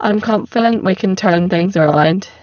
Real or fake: fake